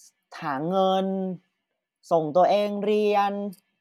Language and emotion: Thai, frustrated